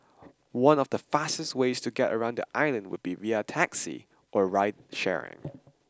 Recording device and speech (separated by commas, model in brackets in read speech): standing microphone (AKG C214), read sentence